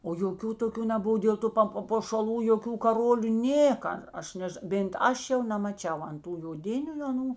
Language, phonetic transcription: Lithuanian, o joˈkių toˈkių neˈbuvo dėl ˈtu pa papošaˈlų joˈkių kaˈrolių ˈnėka ˈaš ˈnež bėnt ˈaš jau nemaˈčiau an ˈtų joˈdiniu aˈnų

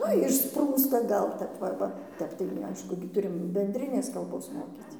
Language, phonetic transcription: Lithuanian, ˈnu išˈsprūsta ˈgal tep ˈva ˈva ˈtep tai nu ˈaišku gi ˈturim bendˈrinės kalˈbos ˈmokyc

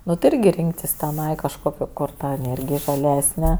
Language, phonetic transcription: Lithuanian, ˈnu tai ˈirgi ˈrinktis teˈnai kažˈkokio kor ˈta eˈnėrgij žaˈlesne

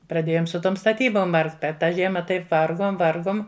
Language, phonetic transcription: Lithuanian, praˈdėjom su ˈtom staˈtybom ˈvargt ˈper ˈtą ˈžiema ˈtaip ˈvargom ˈvargom

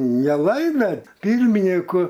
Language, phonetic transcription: Lithuanian, neˈlaimė ˈpyrminiku

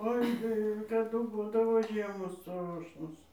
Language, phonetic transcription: Lithuanian, ˈoi tai kaˈdu ˈbūdavo ˈžiemos ˈstrošnos

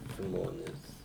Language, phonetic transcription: Lithuanian, ˈžmonės

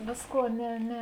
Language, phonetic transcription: Lithuanian, ˈvėsˌkuo ˈne ˈne

